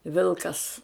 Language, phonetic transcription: Lithuanian, ˈvilkas

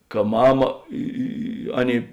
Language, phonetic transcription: Lithuanian, ka ˈmama ˈi i i ˈaˌnėi

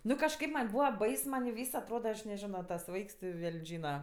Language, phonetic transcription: Lithuanian, ˈnu kažˈkaip ˈman' ˈbūva ˈbais man ˈvys atˈroda aš neˈžino tas ˈvaiks ti ˈveln' ˈžyna

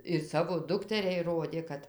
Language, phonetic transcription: Lithuanian, ir ˈsavo ˈdukteriai ˈrodė ˈkad

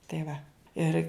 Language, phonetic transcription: Lithuanian, tai ˈva ˈir

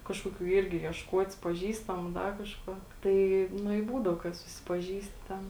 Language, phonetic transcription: Lithuanian, ˈkažkoˌkių ˈirgi iešˈkuotis paˈžįstamu ˈda kažˈkuo ˈtai ˈnu i ˈbūdau kad susipaˈžįsti ˈten

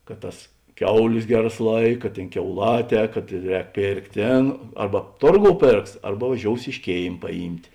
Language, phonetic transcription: Lithuanian, kad ˈtas ˈkiauˌlės ˈgeˌras ˈlaika ˈtėn kiauˈlaˌtē kad ˈrēk ˈpėrkt' ˈtėn ˈarba ˈtorˌgou ˈpėrks ˈarba vaˈžious iš ˈkėim paˈjymt'

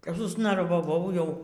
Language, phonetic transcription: Lithuanian, kap susnarvaˈvau ˈjau

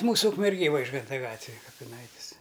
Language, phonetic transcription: Lithuanian, ˈmūsu ukmerˈgėj ˈvaižganta ˈgatvij kapiˈnaitis

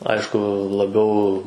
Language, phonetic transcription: Lithuanian, ˈaišku laˈbiau

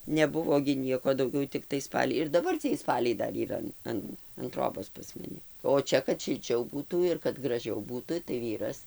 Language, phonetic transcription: Lithuanian, neˈbuvo gi ˈnieko dauˈgiau tikˈtai ˈspaliai ir daˈbar ciej ˈspaliai ˈdar yˈra an ˈan an ˈtrobos pas maˈni o ˈčia kad šilˈčiau ˈbūtų ir kad graˈžiau ˈbūtu tai ˈvyras

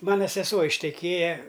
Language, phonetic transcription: Lithuanian, ˈmana seˈsuo išteˈkėja

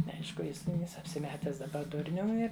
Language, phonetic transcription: Lithuanian, neˈaišku ˈjis ˈneis apsiˈmetęs daˈba ˈdurnium ˈir

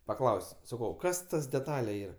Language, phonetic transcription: Lithuanian, paˈklaus' saˈkau ˈkas ˈtas deˈtale ˈyra

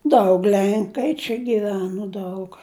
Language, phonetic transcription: Lithuanian, ˈdaug ˈlenkai čia giˈveno ˈdaug

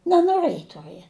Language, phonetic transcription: Lithuanian, nenoˈrɘji tuˈrɨe

